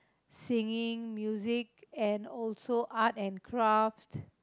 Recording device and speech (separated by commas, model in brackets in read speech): close-talking microphone, conversation in the same room